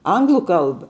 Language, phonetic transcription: Lithuanian, ˈanglu ˈkalba

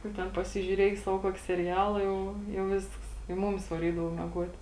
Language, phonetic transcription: Lithuanian, nu ˈten pasižiūˈriej ˈsavo ˈkuoki seˈriala ˈjau jau ˈvisks i ˈmumis vaˈrydavo mieˈguot

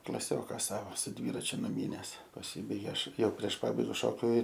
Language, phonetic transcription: Lithuanian, klaˈsioka ˈsavo su ˈdvyračiu nuˈmynes paˈsybaigė ˈaš ˈjau prieš ˈpabaiga šokiu

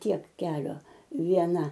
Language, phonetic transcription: Lithuanian, ˈtiek ˈkelio vieˈna

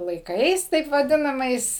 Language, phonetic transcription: Lithuanian, laiˈkais taip vaˈdinamais

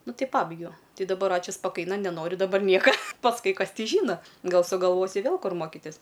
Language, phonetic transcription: Lithuanian, ˈnu ˈtai ˈpabaigiau ˈti daˈbar ˈačiu spaˈkaina neˈnoriu daˈbar ˈnieka pasˈkui ˈkas ˈti ˈžyna ˈgal sugalˈvosiu ˈvėl ˈkur ˈmokitis

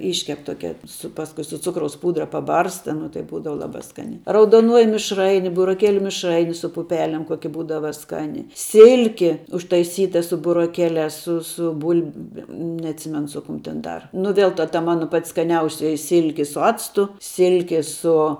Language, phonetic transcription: Lithuanian, ˈiškep ˈtokia su ˈpaskui su ˈcukraus ˈpūdra paˈbarsta nu tai ˈbūdava ˈlabā ˈskaniā raudoˈnuoji mišˈraini buroˈkėliu mišˈraini su puˈpelem ˈkoki ˈbūdava ˈskani ˈsilki užtaiˈsyta su buroˈkeliās su su ˈbulbem neatˈsimenu ˈsu ˌkum ten ˈdar nu ˈvėl ta ta ˈmano pat' skaˈniausioji ˈsilki su ˈactu ˈsilki ˈsu

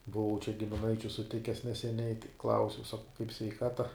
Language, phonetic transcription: Lithuanian, buˈvau čia gimiˈnaičiu suˈtikes neseˈniai ˈklausiau sakau kaip sveiˈkata

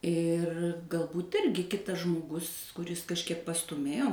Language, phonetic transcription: Lithuanian, ir galˈbūt ˈirgi ˈkitas žmoˈgus kuˈris kažˈkiek pastūˈmėjo

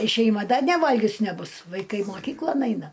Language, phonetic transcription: Lithuanian, i šeiˈma ˈda neˈvalgius neˈbus vaiˈkai moˈkyklon ˈaina

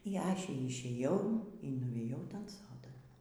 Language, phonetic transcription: Lithuanian, y ˈaše išėˈjau y nuˈvėjau ˈtan ˈsodan

